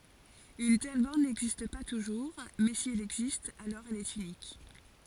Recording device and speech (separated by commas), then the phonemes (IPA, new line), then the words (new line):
forehead accelerometer, read sentence
yn tɛl bɔʁn nɛɡzist pa tuʒuʁ mɛ si ɛl ɛɡzist alɔʁ ɛl ɛt ynik
Une telle borne n'existe pas toujours, mais si elle existe alors elle est unique.